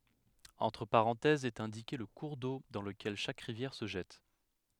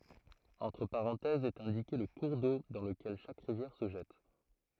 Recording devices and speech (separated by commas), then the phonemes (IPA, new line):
headset microphone, throat microphone, read sentence
ɑ̃tʁ paʁɑ̃tɛzz ɛt ɛ̃dike lə kuʁ do dɑ̃ ləkɛl ʃak ʁivjɛʁ sə ʒɛt